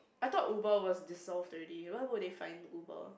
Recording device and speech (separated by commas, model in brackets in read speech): boundary microphone, conversation in the same room